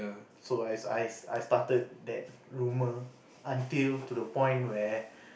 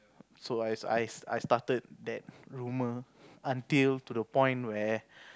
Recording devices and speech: boundary microphone, close-talking microphone, conversation in the same room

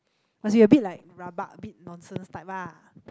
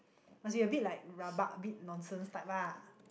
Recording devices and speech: close-talking microphone, boundary microphone, conversation in the same room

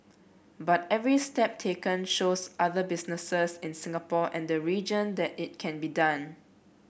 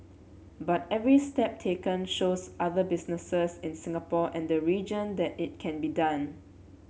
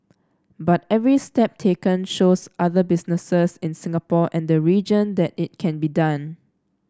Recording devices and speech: boundary microphone (BM630), mobile phone (Samsung C7), standing microphone (AKG C214), read sentence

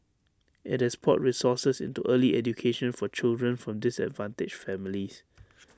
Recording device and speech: standing microphone (AKG C214), read sentence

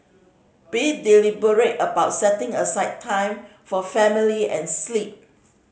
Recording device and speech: mobile phone (Samsung C5010), read sentence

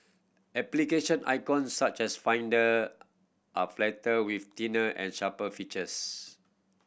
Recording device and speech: boundary microphone (BM630), read sentence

